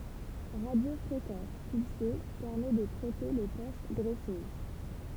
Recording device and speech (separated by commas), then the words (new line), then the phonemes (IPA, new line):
temple vibration pickup, read sentence
Radiofréquence pulsée: permet de traiter les poches graisseuses.
ʁadjofʁekɑ̃s pylse pɛʁmɛ də tʁɛte le poʃ ɡʁɛsøz